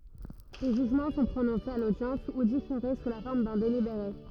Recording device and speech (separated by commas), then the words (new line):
rigid in-ear microphone, read sentence
Les jugements sont prononcés à l'audience, ou différés, sous la forme d'un délibéré.